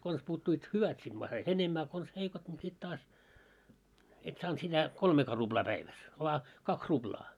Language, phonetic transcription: Finnish, 'kons puuttuit "hyvät sit (ma) sait "enemmä a kons 'heikot ńi sit 'taas , et 'saant sitä , "kolmeekaa 'ruʙlaa 'päiväs , voa , "kaks 'ruʙlaa .
- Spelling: konsa puuttuivat hyvät sitten ma sait enemmän a konsa heikot niin sitten taas et saanut sitä kolmeakaan ruplaa päivässä vain kaksi ruplaa

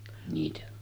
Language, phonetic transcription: Finnish, niitä .
- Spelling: niitä

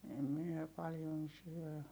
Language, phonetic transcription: Finnish, em miɛ paljon syö .
- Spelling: en minä paljon syö

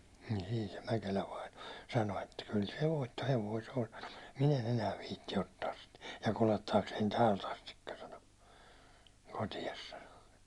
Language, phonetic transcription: Finnish, niin̬ siin̬ se 'Mäkelä vaino , sano että » kyl se 'voitto"hevoi se on « sano , » ᴍᴜt 'min ‿en ‿enää 'viitti 'ottaas sit , ja 'kulettaaksein "täält ‿astikka « sano , » 'kotias « sano .
- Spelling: niin siinä se Mäkelä vainaja sanoi että kyllä se voittohevonen se on sanoi mutta minä en enää viitsi ottaa sitä ja kuljettaakseni täältä asti sanoi kotiin sanoi

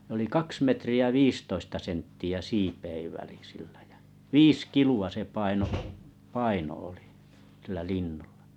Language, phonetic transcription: Finnish, nᵉ ‿oli "kaks 'metri₍ä "viistoista 'sentti₍ä "siipeiv väli 'sillᴀ̈ ᴊᴀ̈ , "viis "kilu₍a 'se 'paino’ , "paino oli , sillä 'linnuʟʟᴀ .
- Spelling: ne oli kaksi metriä viisitoista senttiä siipien väli sillä ja viisi kiloa se painoi paino oli sillä linnulla

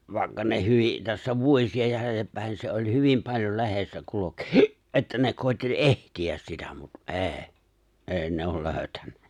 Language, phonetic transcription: Finnish, 'vài̬kka ne 'hyvi , tässä 'vuośi₍a 'jälelleppä̀en se oi 'hyvim paĺjol 'le̬hessä 'kulok , että ne 'kòi̬tteĺ "’ehti₍äs sitä mut "’e̬e̬ , "’e̬e̬ ne ‿ol 'lööʸtännä .
- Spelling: vaikka ne hyvin tässä vuosia jäljellepäin se oli hyvin paljon lehdessä kulki että ne koetti etsiä sitä mutta ei ei ne ole löytänyt

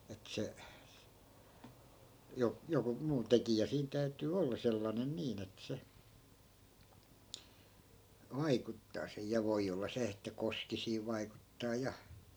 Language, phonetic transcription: Finnish, et 'se , 'jo- , 'joku 'muu "tekijä 'siin täytyy 'olla sellanen 'niin ‿et se , 'vaikuttaa se(j) ja 'voi olla 'se että "koski siiv 'vaikuttaa 'ja .
- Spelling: että se - joku muu tekijä siinä täytyy olla sellainen niin että se vaikuttaa se ja voi olla se että koski siinä vaikuttaa ja

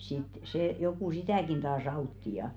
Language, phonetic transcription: Finnish, sit sè joku "sitä̀kin taas 'autti ja .
- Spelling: sitten se joku sitäkin taas auttoi ja

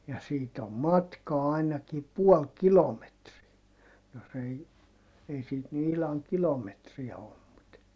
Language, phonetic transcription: Finnish, ja siit ‿om matkaa ainaki puɔl kilometriä , jos ‿ei , ei siit ny ihlaŋ kilometriä (ollu) mut ,.
- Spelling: ja siitä on matkaa ainakin puoli kilometriä jos ei ei siitä nyt ihan kilometriä ollut mutta

